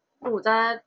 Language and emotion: Thai, neutral